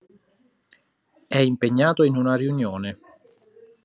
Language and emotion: Italian, neutral